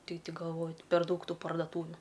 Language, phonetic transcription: Lithuanian, ˈtik ti galˈvo per ˈdaug ˈtų pardaˈtūviu

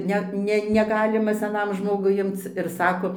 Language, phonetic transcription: Lithuanian, ˈnet ne neˈgalima seˈnam ˈžmogui ˈimc ir ˈsako

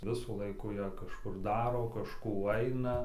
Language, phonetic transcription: Lithuanian, ˈvisų ˈlaikų ja kažˈkur ˈdaro kažˈkų ˈaina

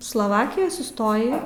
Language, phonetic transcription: Lithuanian, sloˈvakijoj suˈstoji

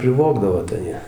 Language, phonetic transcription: Lithuanian, priˈvogdavo tai ˈjie

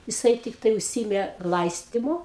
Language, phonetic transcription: Lithuanian, jiˈsai tikˈtai užˈsyimė ˈlaistymu

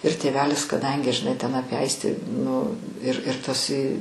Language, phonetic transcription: Lithuanian, ir tėˈvelis kaˈdangi žiˈnai ten ˈapie ˈaistį nu ir ir ˈtas i

